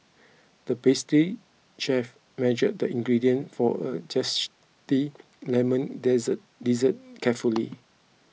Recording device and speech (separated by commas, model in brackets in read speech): mobile phone (iPhone 6), read sentence